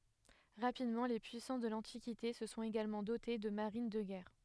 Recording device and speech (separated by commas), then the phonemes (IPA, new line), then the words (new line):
headset microphone, read sentence
ʁapidmɑ̃ le pyisɑ̃s də lɑ̃tikite sə sɔ̃t eɡalmɑ̃ dote də maʁin də ɡɛʁ
Rapidement, les puissances de l'Antiquité se sont également dotées de marines de guerre.